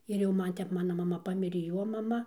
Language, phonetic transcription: Lithuanian, ir jau ˈman ˈtep ˈmana maˈma ˈpamirė ˈjo maˈma

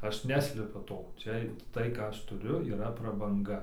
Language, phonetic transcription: Lithuanian, ˈaš ˈneslepiu ˈto ˈčia ˈtai ˈką ˈaš tuˈriu yˈra prabanˈga

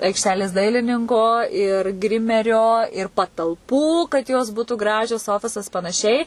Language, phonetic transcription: Lithuanian, aikšˈtelės ˈdailininko ir ˈgrimerio ir patalˈpų kad ˈjos ˈbūtu ˈgražios ˈofisas panaˈšiai

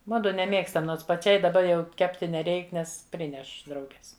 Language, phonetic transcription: Lithuanian, ˈmudu neˈmėgstam ˈnons paˈčiai daˈba jau ˈkepti neˈreik ˈnes ˈprineš ˈdrauges

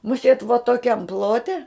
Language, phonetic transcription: Lithuanian, muˈsėt vo toˈkiam ˈplote

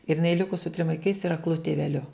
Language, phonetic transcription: Lithuanian, ir jiˈnai ˈliku su trim vaiˈkais ir akˈlu tiveˈliu

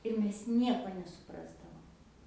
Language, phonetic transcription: Lithuanian, ir ˈmes ˈnieko nesuˈprasdavom

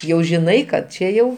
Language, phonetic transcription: Lithuanian, ˈjau žiˈnai kad ˈčia jau

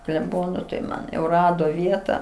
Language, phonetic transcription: Lithuanian, kleˈbono tai ˈman jau ˈrado ˈvieta

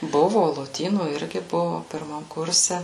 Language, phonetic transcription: Lithuanian, ˈbuvu loˈtynų ˈirgi ˈbuvu pirˈmam ˈkurse

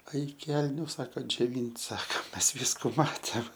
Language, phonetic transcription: Lithuanian, ˈaik ˈkelniu ˈsaka džioˈvynt' ˈsaka ˈmes ˈvysku ˈmatėm

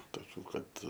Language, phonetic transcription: Lithuanian, toˈkių ˈkad

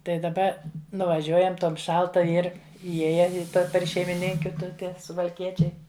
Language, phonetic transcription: Lithuanian, tai daˈba nuvaˈžiuojam ˈtom ˈšalta ˈir įˈjėja i ˈper šeimiˈninkiu ˈtu ˈten suvalˈkiečiai

